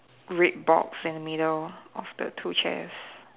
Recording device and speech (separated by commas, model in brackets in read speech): telephone, conversation in separate rooms